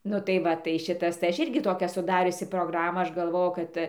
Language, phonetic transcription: Lithuanian, ˈnu tai ˈva tai ˈšitas tai ˈaš ˈirgi ˈtokią suˈdariusi progˈramą ˈaš galˈvoju ˈkad

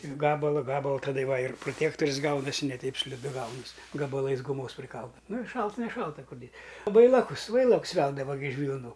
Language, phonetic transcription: Lithuanian, ir ˈgabala ˈgabala taˈda ˈva ir proˈtėktoris ˈgaunasi ne ˈteip sliˈdu ˈgaunas' gabaˈlais guˈmos priˈkalda ˈnu ir ˈšalt neˈšalta ˈkur dės ˈvailakus ˈvailaks ˈveldava gi iš vylˈnų

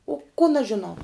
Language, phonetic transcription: Lithuanian, o kon aš žiˈnau

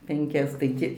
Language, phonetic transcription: Lithuanian, penˈkias tai ˈti

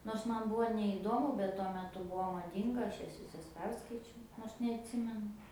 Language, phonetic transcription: Lithuanian, nors ˈman ˈbuo neįˈdomu bet tuo meˈtu ˈbuo maˈdynga ˈaš ˈjas viˈsas ˈperskaičiau ˈnors neatˈsimenu

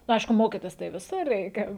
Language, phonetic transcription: Lithuanian, nu ˈaišku ˈmokytis tai viˈsur ˈreikia

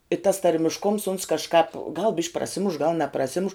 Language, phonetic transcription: Lithuanian, i tas tarmišˈkums uns kažˈkāp gal bišk' praˈsimuš gal nepraˈsimuš

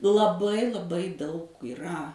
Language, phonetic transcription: Lithuanian, laˈbai laˈbai daug yˈra

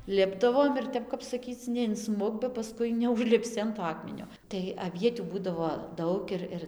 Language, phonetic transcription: Lithuanian, ˈlipdavom ir ˈtep kap saˈkyc neinˈsmuk ba paˈskui neužlipˈsi an to ˈakmenio tai aˈvietių ˈbūdavo ˈdaug ir ˈir

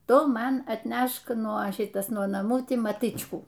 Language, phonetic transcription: Lithuanian, ˈtu ˈman atˈnešk nuo ˈšitas nuo naˈmų ˈtį maˈtɨčkų

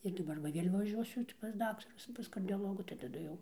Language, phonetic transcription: Lithuanian, ir daˈbar va ˈvėl' vaˈžiuosiu ti pas ˈdaktarus pas kardioˈlogų tai taˈdu jau

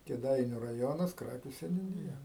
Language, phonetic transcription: Lithuanian, kėˈdainiu raˈjonas ˈkrakiu seniūˈnija

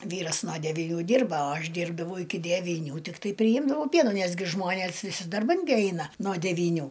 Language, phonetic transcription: Lithuanian, ˈvyras no deviˈnių ˈdirba o ˈaš ˈdyrbdavau iki devyˈnių tikˈtai priˈjimdavau ˈpienų ˈnes gi ˈžmonės viˈsi darˈban gi ˈaina no devyˈnių

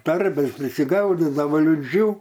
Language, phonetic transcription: Lithuanian, ˈtarbės prisiˈgaudidavo liˈdžių

